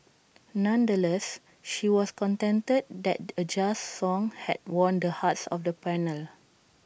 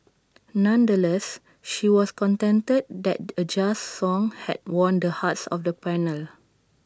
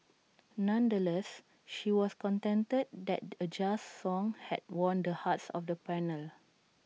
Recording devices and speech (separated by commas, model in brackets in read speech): boundary microphone (BM630), standing microphone (AKG C214), mobile phone (iPhone 6), read sentence